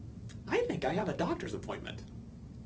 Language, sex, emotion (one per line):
English
male
happy